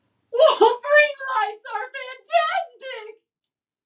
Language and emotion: English, sad